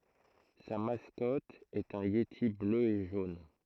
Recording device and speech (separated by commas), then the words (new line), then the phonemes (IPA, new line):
throat microphone, read sentence
Sa mascotte est un yéti bleu et jaune.
sa maskɔt ɛt œ̃ jeti blø e ʒon